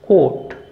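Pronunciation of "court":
This 'court' sounds exactly the same as 'caught', the past tense of 'catch'.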